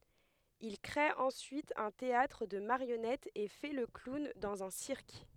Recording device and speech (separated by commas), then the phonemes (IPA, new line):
headset microphone, read sentence
il kʁe ɑ̃syit œ̃ teatʁ də maʁjɔnɛtz e fɛ lə klun dɑ̃z œ̃ siʁk